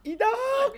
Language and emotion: Thai, happy